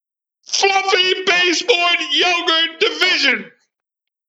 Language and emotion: English, happy